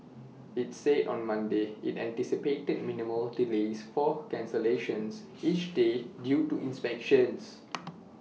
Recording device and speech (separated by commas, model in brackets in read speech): mobile phone (iPhone 6), read sentence